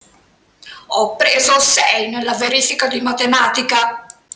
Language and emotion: Italian, angry